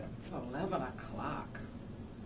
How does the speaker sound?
disgusted